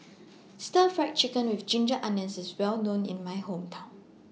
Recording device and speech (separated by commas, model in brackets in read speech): mobile phone (iPhone 6), read sentence